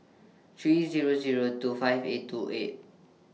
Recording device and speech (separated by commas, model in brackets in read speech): mobile phone (iPhone 6), read sentence